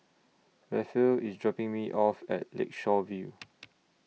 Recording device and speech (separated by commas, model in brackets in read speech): mobile phone (iPhone 6), read sentence